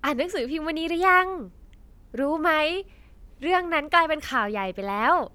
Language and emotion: Thai, happy